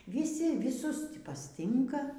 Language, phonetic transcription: Lithuanian, vyˈsi vyˈsus ˈtį pasˈtinka

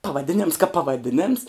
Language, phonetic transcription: Lithuanian, pavaˈdinems kap pavaˈdinems

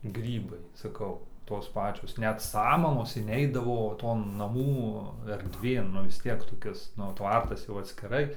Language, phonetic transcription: Lithuanian, ˈgrybai saˈkau ˈtos ˈpačios ˈnet samamos inˈeidavo ˈton naˈmų erdˈvėn nu vis ˈtiek toˈkis nu ˈtvartas jau atskiˈrai

